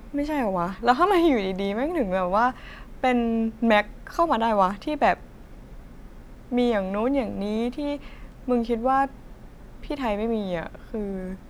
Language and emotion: Thai, frustrated